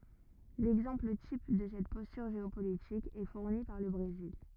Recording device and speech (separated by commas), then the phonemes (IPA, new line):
rigid in-ear microphone, read sentence
lɛɡzɑ̃pl tip də sɛt pɔstyʁ ʒeopolitik ɛ fuʁni paʁ lə bʁezil